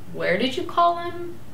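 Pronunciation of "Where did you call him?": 'Where did you call him?' is asked with a falling intonation.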